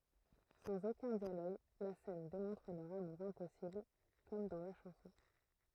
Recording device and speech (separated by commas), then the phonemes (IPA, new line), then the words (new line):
throat microphone, read sentence
sɑ̃z okœ̃ djaloɡ la sɛn demɔ̃tʁ lœʁ amuʁ ɛ̃pɔsibl kɔm dɑ̃ la ʃɑ̃sɔ̃
Sans aucun dialogue, la scène démontre leur amour impossible… comme dans la chanson.